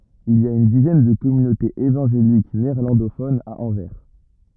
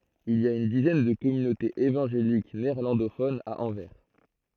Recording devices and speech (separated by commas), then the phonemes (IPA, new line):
rigid in-ear microphone, throat microphone, read sentence
il i a yn dizɛn də kɔmynotez evɑ̃ʒelik neɛʁlɑ̃dofonz a ɑ̃vɛʁ